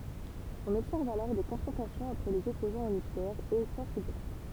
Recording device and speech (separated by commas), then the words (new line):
temple vibration pickup, read sentence
On observe alors des confrontations entre les opposants au nucléaire et forces de l’ordre.